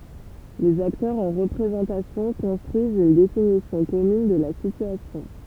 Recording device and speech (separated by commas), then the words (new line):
temple vibration pickup, read sentence
Les acteurs en représentation construisent une définition commune de la situation.